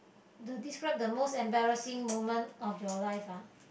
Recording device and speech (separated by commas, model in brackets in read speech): boundary microphone, conversation in the same room